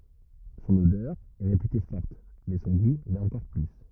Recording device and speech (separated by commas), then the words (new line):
rigid in-ear microphone, read sentence
Son odeur est réputée forte, mais son goût l'est encore plus.